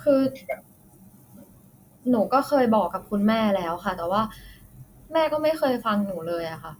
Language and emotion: Thai, frustrated